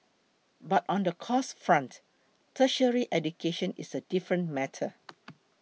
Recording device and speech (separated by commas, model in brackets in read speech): mobile phone (iPhone 6), read sentence